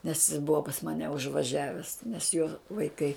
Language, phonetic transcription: Lithuanian, nes jis ˈbuva pas ˈmane užvaˈžiaves nes jo vaiˈkai

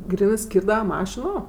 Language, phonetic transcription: Lithuanian, ˈgrynɜˈskyrdava ˈmašino

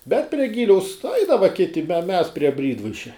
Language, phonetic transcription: Lithuanian, bet prie ˈgiliaus ˈaidava ˈkiti me mes prie ˈbrydvaišia

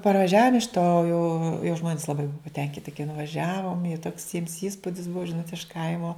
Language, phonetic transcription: Lithuanian, parvaˈžiavom iš to jau jau ˈžmonis laˈbai ˈbua paˈtenkiti kai nuvaˈžiavom jau toks jiems ˈįspudis ˈbuo ˈžinot iš ˈkaimo

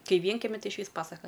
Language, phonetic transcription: Lithuanian, ˈkai ˈvienkemi ˈtai išˈvys ˈpasaka

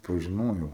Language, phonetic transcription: Lithuanian, pažiˈnojau

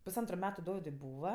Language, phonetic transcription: Lithuanian, pusˈantru ˈmetu ˈdovidui ˈbūva

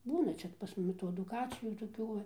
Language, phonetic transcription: Lithuanian, ˈbūna ˈčia pas ˈmumi tų aduˈkacijų toˈkių va

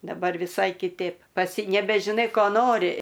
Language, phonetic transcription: Lithuanian, daˈbar viˈsai kiˈtėp ˈpats nebežiˈnai ˈko ˈnori

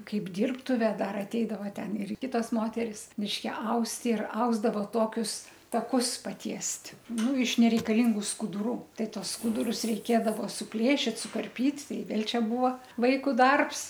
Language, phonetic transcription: Lithuanian, ˈkaip ˈdyrbtuve ˈdar atˈeidava ˈten ir ˈkitos ˈmoteris mišˈke ˈaust ir ˈausdavo ˈtokius taˈkus paˈtiest' ˈnu iš nereikaˈlingu skuduˈrų ˈtai ˈtuos ˈskudurus reiˈkėdavo suˈplėšit sukarˈpyt' ˈtai ˈvėl' ˈčia ˈbūvo ˈvaiku ˈdarbs

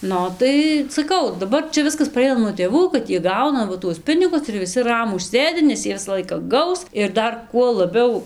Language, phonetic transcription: Lithuanian, ˈnu ˈo tai saˈkau daˈbar ˈčia ˈviskas paˈreina nuo tėˈvų kad ˈjie ˈgauna ˈva tuos ˈpinigus ir viˈsi ˈramūs ˈsėdi nes ˈjie ˈvisa ˈlaika ˈgaus ir ˈdar kuo laˈbiau

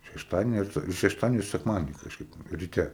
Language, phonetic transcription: Lithuanian, šešˈtadieni ar iš šešˈtadieniu i sekˈmadieni kažˈkaip riˈte

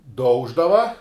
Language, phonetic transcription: Lithuanian, ˈdauždava

